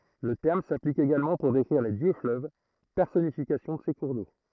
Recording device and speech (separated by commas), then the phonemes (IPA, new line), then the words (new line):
throat microphone, read sentence
lə tɛʁm saplik eɡalmɑ̃ puʁ dekʁiʁ le djøksfløv pɛʁsɔnifikasjɔ̃ də se kuʁ do
Le terme s'applique également pour décrire les dieux-fleuves, personnification de ces cours d'eau.